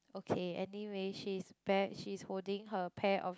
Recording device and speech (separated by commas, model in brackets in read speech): close-talking microphone, conversation in the same room